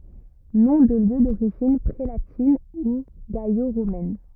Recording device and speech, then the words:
rigid in-ear microphone, read sentence
Noms de lieux d’origine prélatine ou gallo-romaine.

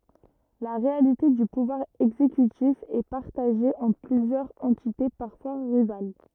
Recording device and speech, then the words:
rigid in-ear microphone, read sentence
La réalité du pouvoir exécutif est partagé entre plusieurs entités, parfois rivales.

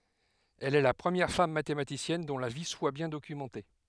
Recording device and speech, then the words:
headset microphone, read sentence
Elle est la première femme mathématicienne dont la vie soit bien documentée.

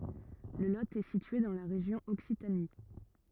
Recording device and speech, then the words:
rigid in-ear microphone, read sentence
Le Lot est situé dans la région Occitanie.

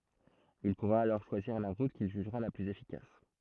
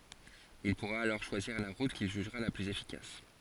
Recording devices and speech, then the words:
throat microphone, forehead accelerometer, read sentence
Il pourra alors choisir la route qu'il jugera la plus efficace.

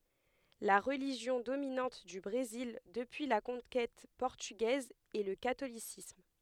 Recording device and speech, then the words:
headset microphone, read sentence
La religion dominante du Brésil depuis la conquête portugaise est le catholicisme.

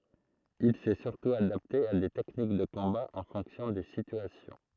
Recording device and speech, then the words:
throat microphone, read sentence
Il s'est surtout adapté à des techniques de combat en fonction des situations.

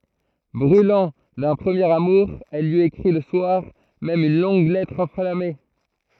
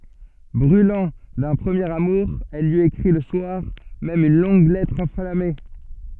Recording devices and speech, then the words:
throat microphone, soft in-ear microphone, read sentence
Brûlant d'un premier amour, elle lui écrit le soir même une longue lettre enflammée.

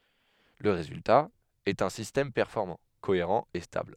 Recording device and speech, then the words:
headset microphone, read sentence
Le résultat est un système performant, cohérent et stable.

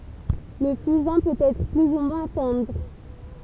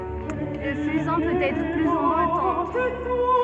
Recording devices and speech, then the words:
temple vibration pickup, soft in-ear microphone, read sentence
Le fusain peut être plus ou moins tendre.

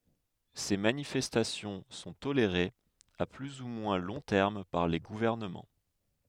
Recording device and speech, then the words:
headset microphone, read sentence
Ces manifestations sont tolérées à plus ou moins long terme par les gouvernements.

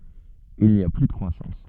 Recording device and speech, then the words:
soft in-ear microphone, read sentence
Il n’y a plus de croissance.

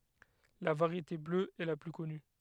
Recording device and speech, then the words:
headset microphone, read sentence
La variété bleue est la plus connue.

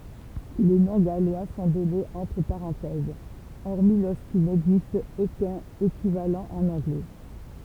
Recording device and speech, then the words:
temple vibration pickup, read sentence
Les noms gallois sont donnés entre parenthèses, hormis lorsqu'il n'existe aucun équivalent en anglais.

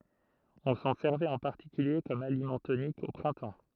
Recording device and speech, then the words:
throat microphone, read sentence
On s'en servait en particulier comme aliment tonique, au printemps.

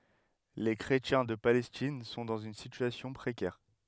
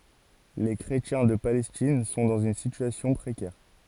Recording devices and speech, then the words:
headset microphone, forehead accelerometer, read sentence
Les chrétiens de Palestine sont dans une situation précaire.

